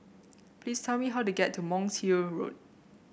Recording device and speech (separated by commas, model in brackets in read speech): boundary microphone (BM630), read sentence